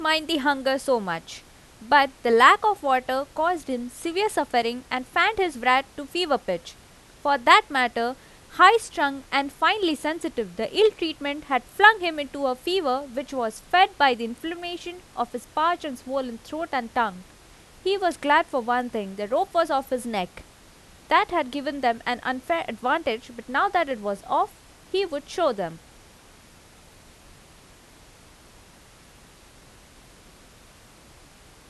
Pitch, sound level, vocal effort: 275 Hz, 89 dB SPL, loud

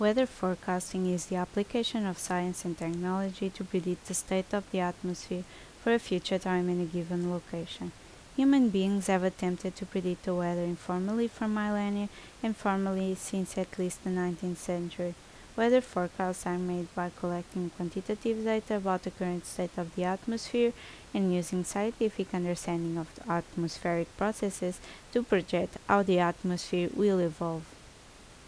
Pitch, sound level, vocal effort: 185 Hz, 76 dB SPL, normal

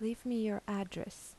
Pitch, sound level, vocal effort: 215 Hz, 79 dB SPL, soft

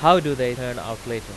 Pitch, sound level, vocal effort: 125 Hz, 97 dB SPL, very loud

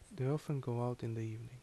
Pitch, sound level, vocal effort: 125 Hz, 74 dB SPL, soft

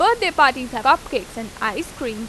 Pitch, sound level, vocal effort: 245 Hz, 91 dB SPL, loud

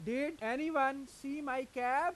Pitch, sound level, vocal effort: 270 Hz, 96 dB SPL, loud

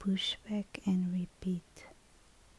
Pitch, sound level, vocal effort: 180 Hz, 66 dB SPL, soft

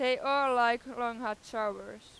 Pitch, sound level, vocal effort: 240 Hz, 99 dB SPL, very loud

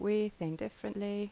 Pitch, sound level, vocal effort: 205 Hz, 81 dB SPL, normal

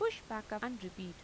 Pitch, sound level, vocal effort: 215 Hz, 85 dB SPL, normal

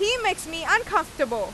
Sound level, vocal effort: 97 dB SPL, very loud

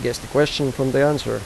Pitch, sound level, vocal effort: 135 Hz, 85 dB SPL, normal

